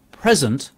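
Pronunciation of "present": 'Present' is said as the noun, with the stress on the first syllable.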